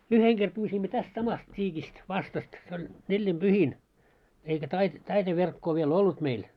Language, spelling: Finnish, yhden kerran pyysimme tästä samasta tiikistä vastasta se oli neljinpyhin eikä - taite verkkoa vielä ollut meillä
- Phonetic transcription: 'yheŋ ɢer pyysimmö 'täst 'samast 't́iikist , 'vastast , se ‿oĺ 'nellim"ʙyhin , eikä tait- , 'taite 'verkkoo viel "ollut meil .

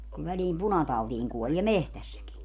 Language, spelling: Finnish, kun väliin punatautiin kuolee metsässäkin
- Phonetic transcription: ku väliim "punatautiiŋ 'kuolie "mehtässäki .

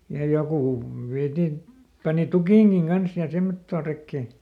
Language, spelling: Finnish, ja joku vietiin pani tukinkin kanssa ja semmottoon rekeen
- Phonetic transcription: ja ˈjokù ˈviätin , pani "tukìŋGiŋ ˈGans ja ˈsemmottoo ˈrekkè .

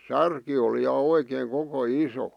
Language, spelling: Finnish, särki oli ja oikein koko iso
- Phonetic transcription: 'särki oli ja oikeeŋ 'koko "iso .

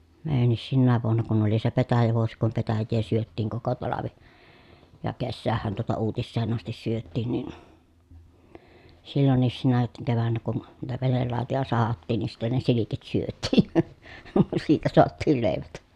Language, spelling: Finnish, meidänkin sinäkin vuonna kun oli se petäjävuosi kun petäjää syötiin koko talvi ja kesäähän tuota uutiseen asti syötiin niin silloinkin sinä keväänä kun niitä venelautoja sahattiin niin sitten ne silkit syötiin siitä saatiin leivät
- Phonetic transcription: meejännis sinnääv vuonna kun ‿oli se petäjävuosi kum petäjjee syöttiiŋ koko talavi , ja kessäähhän tuota uutisseen ‿astis syöttìn nin , sillonniis sinä kevännä kun , niitä venellàotoja sahattiin ni sitten ne silikit syöt̆tiin̬ , siitä soattiil lèivät .

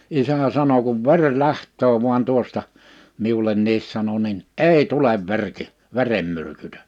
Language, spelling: Finnish, isä sanoi kun veri lähtee vain tuosta minullekin sanoi niin ei tule - verenmyrkytys
- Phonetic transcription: 'isä 'sano » kuv "veŕ "läht̆töö vu̬an 'tuosta « , 'miulenniis sano nin , » "èi "tulev 'verki , 'veremmyrkytö[s] .

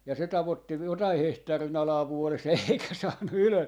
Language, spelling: Finnish, ja se tavoitti jotakin hehtaarin alaa vuodessa eikä saanut ylös
- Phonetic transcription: ja se 'tavottiv- , 'jotai 'hehtaari'n ‿alaa 'vuoles eikä 'saannu 'ylö .

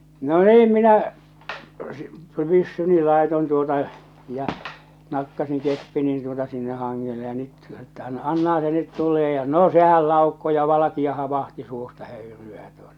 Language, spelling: Finnish, no niin minä - pyssyni laitoin tuota ja nakkasin keppini tuota sinne hangelle ja nyt että - annahan se nyt tulee ja no sehän laukkoi ja valkea - vaahto suusta höyryää tuota ja
- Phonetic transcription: no "niim minä , sɪ- 'pyssyni 'làeton tuota , ja , 'nakkasiŋ 'keppinin tuota sinneh 'haŋŋele ja nyt että an- , 'annaha se nyt tul̆lee ja 'no 'sehäl 'làukko ja 'valakia ha- , 'vahti 'suusta 'höyry₍ää tuota ᴊᴀ .

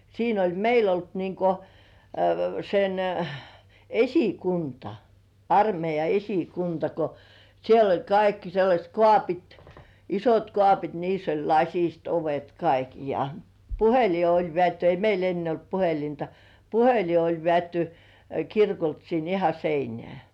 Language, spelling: Finnish, siinä oli meillä ollut niin kuin sen esikunta armeija esikunta kun siellä oli kaikki sellaiset kaapit isot kaapit niissä oli lasiset ovet kaikki ja puhelin oli vedetty ei meillä ennen ollut puhelinta puhelin oli vedetty kirkolta sinne ihan seinään
- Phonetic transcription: 'siin ‿oĺ 'meil ‿olt niŋko , sen , "esikunta , armeija 'esikunta ko , siel ‿oĺ 'kaikki sellaśt "kŏàpit , 'isot 'kŏàpit niiss ‿oĺ "laśist 'ovet kaik(i) ja , "puheli oĺ 'vĕä̀tty ei 'meil ‿enne olt puhelinta , "puheli oĺ vĕä̀tty , 'kirkolt sin iha "seinĕä̀ .

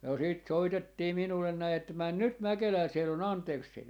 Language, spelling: Finnish, ja sitten soitettiin minulle näin että mene nyt Mäkelään siellä on Andersen
- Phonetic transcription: ja sit 'soitettii 'minullen 'näi että » 'män "nyt 'Mäkelää siel ‿on "Antersseeni » .

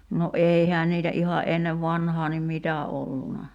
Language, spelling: Finnish, no eihän niitä ihan ennen vanhaan niin mitä ollut
- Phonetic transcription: no "’eihään niitä '’iha '’ennev "vanhaa nim 'mitä olluna .

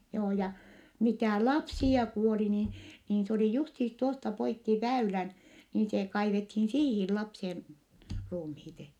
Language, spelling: Finnish, joo ja mitä lapsia kuoli niin niin se oli justiinsa tuosta poikki väylän niin se kaivettiin siihen lapsien ruumiit
- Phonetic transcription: joo ja , mitä̀ lapsi₍a kuoli ni , niin s ‿oli justiis tuosta poikki väylän , niin se kaivethiin siihi lapsi₍en , ruumhiit .

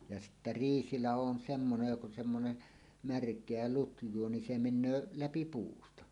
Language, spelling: Finnish, ja sitten riisilaho on semmoinen joka on semmoinen märkää lutjaa niin se menee läpi puusta
- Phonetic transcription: ja 'sittä "riisilaho on 'semmonej jok ‿on semmone , "märk̀eä "lutj̀uo ni se 'men̆nöö "läpi "puusta .

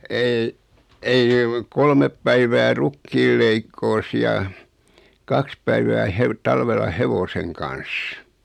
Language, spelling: Finnish, ei ei kolme päivää rukiin leikkuussa ja kaksi päivää - talvella hevosen kanssa
- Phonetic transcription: 'ei , 'ei , 'kolmep päivää "rukkiil leikkoos ja , 'kaks päivää 'hev- , 'talvella "hevoseŋ kan̬s .

